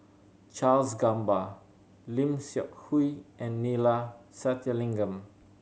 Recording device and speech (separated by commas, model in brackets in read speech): mobile phone (Samsung C7100), read sentence